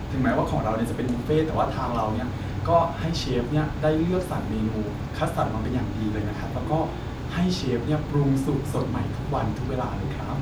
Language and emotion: Thai, happy